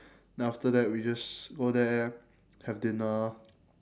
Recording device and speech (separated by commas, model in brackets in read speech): standing microphone, conversation in separate rooms